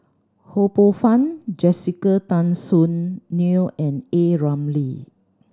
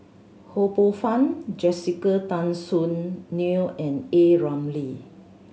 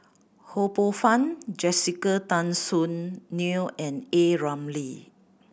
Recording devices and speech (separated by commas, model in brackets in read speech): standing microphone (AKG C214), mobile phone (Samsung C7100), boundary microphone (BM630), read sentence